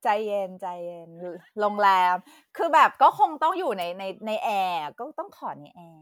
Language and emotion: Thai, happy